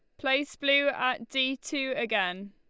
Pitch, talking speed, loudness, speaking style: 265 Hz, 155 wpm, -28 LUFS, Lombard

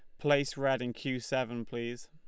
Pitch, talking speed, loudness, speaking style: 130 Hz, 195 wpm, -33 LUFS, Lombard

